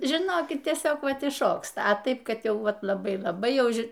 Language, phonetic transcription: Lithuanian, žiˈnokit tieˈsiog ˈvat išˈšoksta a ˈtaip kadˈjau ˈvat laˈbai laˈbai ˈjau ˈži

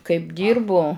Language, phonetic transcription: Lithuanian, kaip ˈdyrbu

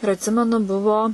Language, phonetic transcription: Lithuanian, ir atˈsimenu ˈbuvo

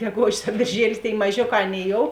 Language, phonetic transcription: Lithuanian, geˈgožis a bėrˈžielis tėi maˈžioˌkā ˈaˌnėi jou

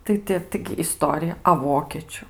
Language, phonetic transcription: Lithuanian, ˈtai ti ˈtaigi iˈstorija a ˈvokėčiu

